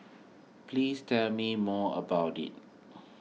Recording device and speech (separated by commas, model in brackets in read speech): mobile phone (iPhone 6), read sentence